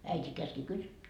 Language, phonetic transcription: Finnish, 'äit́i käski kysy » .
- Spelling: äiti käski kysyä

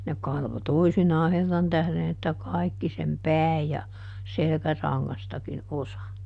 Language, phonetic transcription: Finnish, ne ˈkalvo ˈtoisinaa ˈherran tähδen että "kàikki sem "pääj ja , ˈselkäraŋŋastakin "osa .
- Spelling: ne kalvoi toisinaan herran tähden että kaikki sen pään ja selkärangastakin osa

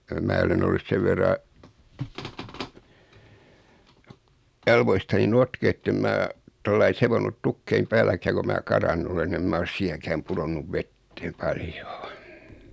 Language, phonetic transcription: Finnish, 'mää olen ‿ollus 'sev verra , 'jalvoistani 'notkee ettem 'mää , 'tollai 'sevonnut 'tukkeim "pääläkää ko 'mää "karannu olen ni em 'mä os 'siinäkääm 'puðonnuv "vettee 'paljᴏᴏ .
- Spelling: minä olen ollut sen verran jaloistani notkea että en minä tuolla lailla seonnut tukkien päälläkään kun minä karannut olen niin en minä ole siinäkään pudonnut veteen paljoa

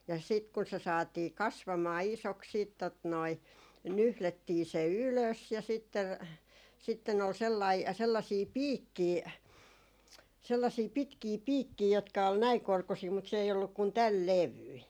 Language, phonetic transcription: Finnish, ja sit kun se saatii "kasvamaa 'isoks siit tot noi , 'nyhlettii se "ylös ja sitte , 'sitten ‿ol 'sellai , 'sellasii "piikkii , sellasii 'pitkii 'piikkii jotka ol 'näiŋ 'korkusii mut se ei olluk kun "täl 'levyi .
- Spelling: ja sitten kun se saatiin kasvamaan isoksi sitten tuota noin nyhdettiin se ylös ja sitten sitten oli sellainen sellaisia piikkejä sellaisia pitkiä piikkejä jotka oli näin korkuisia mutta se ei ollut kuin tämän levyinen

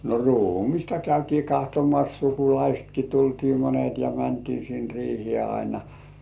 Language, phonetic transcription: Finnish, no 'ruu"mista käytii 'kahtomas 'sukulaistki tultii "monet ja "mäntii sin 'riihĭè aina .
- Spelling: no ruumista käytiin katsomassa sukulaistakin tultiin monet ja mentiin sinne riiheen aina

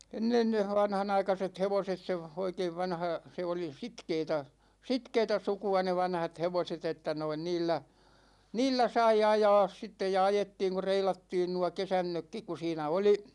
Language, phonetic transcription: Finnish, 'ennen ne 'vanhanaikaset 'hevoset se , 'oikeiv 'vanha , 'se oli "sitkeetä , "sitkeetä 'suku₍a ne 'vanhat 'hevoset ‿että noin 'niillä , 'niillä 'sai "ajaas sittej ja 'ajettiiŋ ku 'reilattiin nua "kesännökkik ku 'siinä 'oli ,.
- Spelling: ennen ne vanhanaikaiset hevoset se oikein vanha se oli sitkeätä sitkeätä sukua ne vanhat hevoset että noin niillä niillä sai ajaa sitten ja ajettiin kun reilattiin nuo kesannotkin kun siinä oli

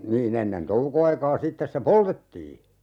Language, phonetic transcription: Finnish, 'nii'n ‿ennen "touko₍aikaa 'sittes se "poltettii .
- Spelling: niin ennen toukoaikaa sitten se poltettiin

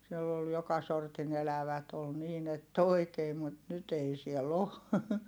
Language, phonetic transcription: Finnish, siell ‿ol joka sortin ‿elävät ‿ol niin ‿ett ‿oi̮kee mut nyt ‿ei siɛl ‿o .
- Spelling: siellä oli joka sortin elävät oli niin että oikein mutta nyt ei siellä ole

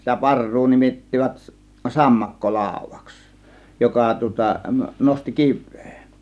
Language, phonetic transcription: Finnish, sitä 'par̀ruu nimit̀tivät 'sammakko "làȯv̆vAks , 'joka tŭŏta , 'nosti "kiv̆vEE .
- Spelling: sitä parrua nimittivät - sammakkolaudaksi joka tuota nosti kiveä

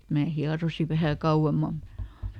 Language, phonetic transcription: Finnish, mää ˈhiarosi vähä ˈkauʷemmam̆ muᵗ ,.
- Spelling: minä hieroin vähän kauemmin mutta

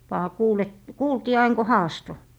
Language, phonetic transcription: Finnish, vaa 'kuul ‿et , "kuultii ain ko "haasto .
- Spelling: vain kuuli että kuultiin aina kun haastoi

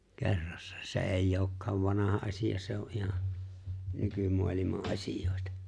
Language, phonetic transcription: Finnish, 'ke̬rrassᴀ , 's ‿è̬i'j ‿ookkaav 'vanaha asi₍a se ‿o '’iha , 'nykymualima’ '’asij̀òeta .
- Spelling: kerrassa se ei olekaan vanha asia se on ihan nykymaailman asioita

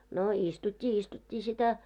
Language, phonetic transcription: Finnish, no 'istut́t́i 'istut́t́ii sitä .
- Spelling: no istuttiin istuttiin sitä

